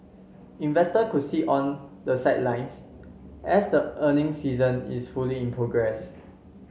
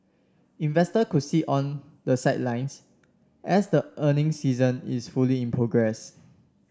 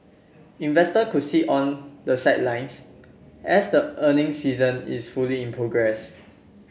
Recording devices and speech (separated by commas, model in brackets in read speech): mobile phone (Samsung C7), standing microphone (AKG C214), boundary microphone (BM630), read sentence